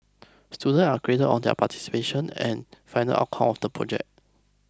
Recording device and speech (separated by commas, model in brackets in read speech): close-talking microphone (WH20), read sentence